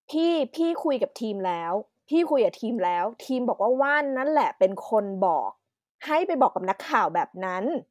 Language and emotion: Thai, frustrated